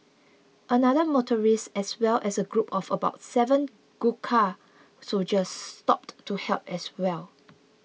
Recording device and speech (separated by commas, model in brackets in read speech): mobile phone (iPhone 6), read sentence